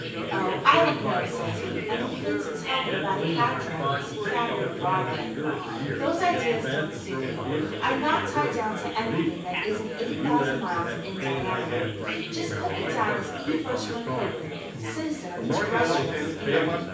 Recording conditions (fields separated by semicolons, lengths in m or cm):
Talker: one person; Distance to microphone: 9.8 m; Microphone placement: far; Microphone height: 1.8 m; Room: large; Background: babble